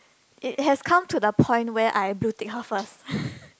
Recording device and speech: close-talking microphone, conversation in the same room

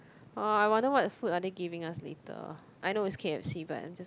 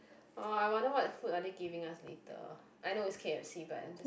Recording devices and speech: close-talking microphone, boundary microphone, conversation in the same room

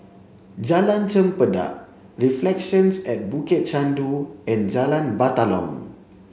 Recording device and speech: mobile phone (Samsung C7), read sentence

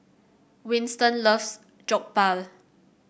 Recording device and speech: boundary microphone (BM630), read sentence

